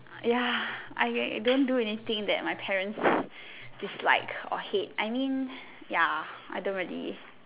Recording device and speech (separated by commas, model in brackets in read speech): telephone, conversation in separate rooms